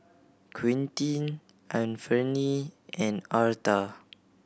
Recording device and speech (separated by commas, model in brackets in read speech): boundary microphone (BM630), read sentence